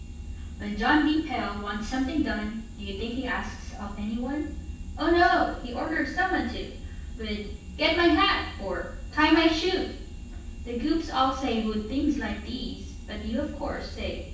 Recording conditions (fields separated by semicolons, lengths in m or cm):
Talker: one person; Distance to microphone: 9.8 m; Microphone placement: far; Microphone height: 1.8 m; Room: large; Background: none